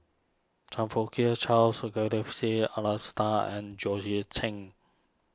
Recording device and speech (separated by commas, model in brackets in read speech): standing microphone (AKG C214), read sentence